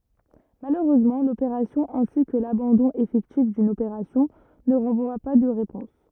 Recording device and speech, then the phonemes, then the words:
rigid in-ear microphone, read sentence
maløʁøzmɑ̃ lopeʁasjɔ̃ ɛ̃si kə labɑ̃dɔ̃ efɛktif dyn opeʁasjɔ̃ nə ʁɑ̃vwa pa də ʁepɔ̃s
Malheureusement, l'opération ainsi que l'abandon effectif d'une opération ne renvoient pas de réponse.

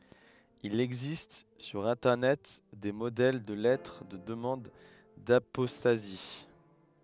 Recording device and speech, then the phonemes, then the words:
headset microphone, read sentence
il ɛɡzist syʁ ɛ̃tɛʁnɛt de modɛl də lɛtʁ də dəmɑ̃d dapɔstazi
Il existe sur internet, des modèles de lettres de demande d'apostasie.

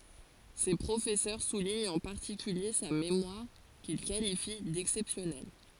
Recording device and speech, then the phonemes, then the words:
forehead accelerometer, read sentence
se pʁofɛsœʁ suliɲt ɑ̃ paʁtikylje sa memwaʁ kil kalifi dɛksɛpsjɔnɛl
Ses professeurs soulignent en particulier sa mémoire, qu'ils qualifient d'exceptionnelle.

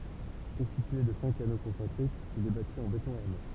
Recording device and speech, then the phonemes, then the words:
temple vibration pickup, read sentence
kɔ̃stitye də sɛ̃k ano kɔ̃sɑ̃tʁikz il ɛ bati ɑ̃ betɔ̃ aʁme
Constitué de cinq anneaux concentriques, il est bâti en béton armé.

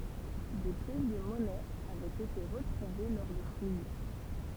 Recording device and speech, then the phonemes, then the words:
temple vibration pickup, read sentence
de pjɛs də mɔnɛz avɛt ete ʁətʁuve lɔʁ də fuj
Des pièces de monnaies avaient été retrouvées lors de fouilles.

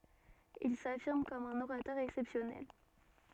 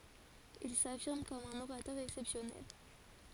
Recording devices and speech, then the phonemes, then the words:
soft in-ear microphone, forehead accelerometer, read sentence
il safiʁm kɔm œ̃n oʁatœʁ ɛksɛpsjɔnɛl
Il s'affirme comme un orateur exceptionnel.

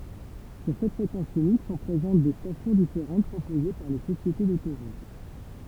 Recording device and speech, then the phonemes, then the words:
temple vibration pickup, read sentence
syʁ sɛt fʁekɑ̃s ynik sɔ̃ pʁezɑ̃t de stasjɔ̃ difeʁɑ̃t pʁopoze paʁ le sosjete dotoʁut
Sur cette fréquence unique sont présentes des stations différentes proposées par les sociétés d'autoroute.

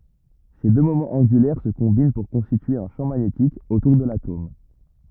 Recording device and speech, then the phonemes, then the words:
rigid in-ear microphone, read sentence
se dø momɑ̃z ɑ̃ɡylɛʁ sə kɔ̃bin puʁ kɔ̃stitye œ̃ ʃɑ̃ maɲetik otuʁ də latom
Ces deux moments angulaires se combinent pour constituer un champ magnétique autour de l'atome.

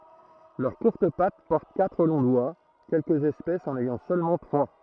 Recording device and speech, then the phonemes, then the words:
throat microphone, read sentence
lœʁ kuʁt pat pɔʁt katʁ lɔ̃ dwa kɛlkəz ɛspɛsz ɑ̃n ɛjɑ̃ sølmɑ̃ tʁwa
Leurs courtes pattes portent quatre longs doigts, quelques espèces en ayant seulement trois.

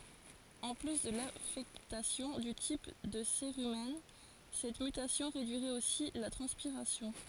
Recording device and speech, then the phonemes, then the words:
forehead accelerometer, read sentence
ɑ̃ ply də lafɛktasjɔ̃ dy tip də seʁymɛn sɛt mytasjɔ̃ ʁedyiʁɛt osi la tʁɑ̃spiʁasjɔ̃
En plus de l'affectation du type de cérumen, cette mutation réduirait aussi la transpiration.

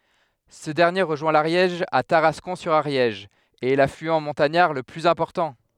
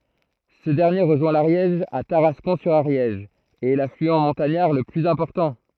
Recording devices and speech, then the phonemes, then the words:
headset microphone, throat microphone, read sentence
sə dɛʁnje ʁəʒwɛ̃ laʁjɛʒ a taʁaskɔ̃ syʁ aʁjɛʒ e ɛ laflyɑ̃ mɔ̃taɲaʁ lə plyz ɛ̃pɔʁtɑ̃
Ce dernier rejoint l'Ariège à Tarascon-sur-Ariège et est l'affluent montagnard le plus important.

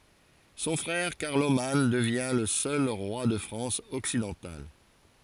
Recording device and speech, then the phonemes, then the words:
forehead accelerometer, read sentence
sɔ̃ fʁɛʁ kaʁloman dəvjɛ̃ lə sœl ʁwa də fʁɑ̃s ɔksidɑ̃tal
Son frère Carloman devient le seul roi de France occidentale.

